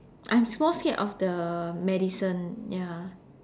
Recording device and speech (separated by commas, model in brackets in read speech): standing microphone, conversation in separate rooms